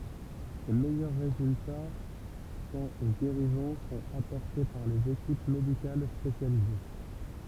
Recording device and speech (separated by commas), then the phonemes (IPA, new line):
temple vibration pickup, read sentence
le mɛjœʁ ʁezylta kɑ̃t o ɡeʁizɔ̃ sɔ̃t apɔʁte paʁ lez ekip medikal spesjalize